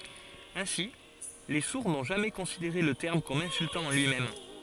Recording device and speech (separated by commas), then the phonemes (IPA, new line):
forehead accelerometer, read sentence
ɛ̃si le suʁ nɔ̃ ʒamɛ kɔ̃sideʁe lə tɛʁm kɔm ɛ̃syltɑ̃ ɑ̃ lyimɛm